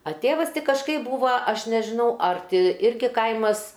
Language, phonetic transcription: Lithuanian, a ˈtėvas ˈti kažˈkaip ˈbūva ˈaš nežiˈnau ar ˈti ˈirgi ˈkaimas

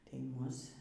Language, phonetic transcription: Lithuanian, tai ˈmus

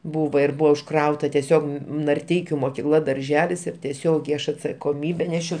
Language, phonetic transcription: Lithuanian, ˈbūva ir ˈbuva užˈkrauta teˈsiog narˈteikiu mokiˈkla darˈželis ir teˈsiogiai ˈaš atsakoˈmybe ˈnešiau

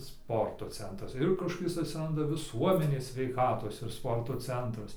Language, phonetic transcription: Lithuanian, ˈsporto ˈcentras ir kažkoˈkis atsiˈranda viˈsuomenės sveiˈkatos ir ˈsporto ˈcentras

